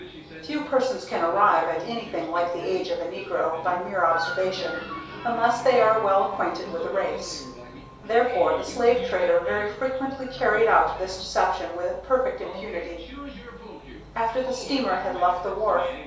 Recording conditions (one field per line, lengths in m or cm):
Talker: one person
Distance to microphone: 3.0 m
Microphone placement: far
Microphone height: 1.8 m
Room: small (3.7 m by 2.7 m)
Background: television